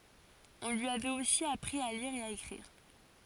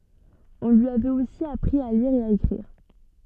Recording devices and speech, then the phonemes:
forehead accelerometer, soft in-ear microphone, read sentence
ɔ̃ lyi avɛt osi apʁi a liʁ e a ekʁiʁ

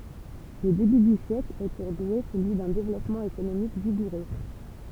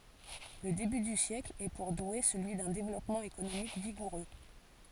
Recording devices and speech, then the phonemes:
temple vibration pickup, forehead accelerometer, read sentence
lə deby dy sjɛkl ɛ puʁ dwe səlyi dœ̃ devlɔpmɑ̃ ekonomik viɡuʁø

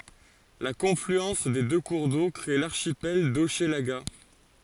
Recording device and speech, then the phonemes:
forehead accelerometer, read sentence
la kɔ̃flyɑ̃s de dø kuʁ do kʁe laʁʃipɛl doʃlaɡa

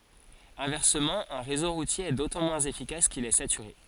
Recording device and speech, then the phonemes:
forehead accelerometer, read sentence
ɛ̃vɛʁsəmɑ̃ œ̃ ʁezo ʁutje ɛ dotɑ̃ mwɛ̃z efikas kil ɛ satyʁe

